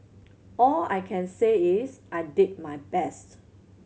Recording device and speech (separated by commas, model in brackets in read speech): mobile phone (Samsung C7100), read sentence